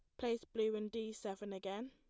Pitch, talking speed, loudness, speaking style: 220 Hz, 215 wpm, -42 LUFS, plain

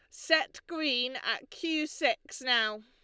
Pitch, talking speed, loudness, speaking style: 295 Hz, 135 wpm, -30 LUFS, Lombard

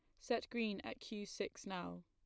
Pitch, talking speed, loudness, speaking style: 210 Hz, 195 wpm, -44 LUFS, plain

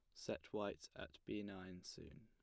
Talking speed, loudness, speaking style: 180 wpm, -50 LUFS, plain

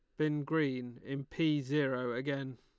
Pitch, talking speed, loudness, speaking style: 140 Hz, 150 wpm, -35 LUFS, Lombard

